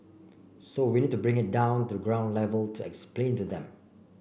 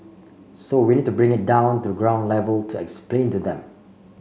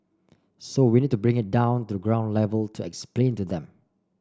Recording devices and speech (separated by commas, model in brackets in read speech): boundary microphone (BM630), mobile phone (Samsung C5), standing microphone (AKG C214), read sentence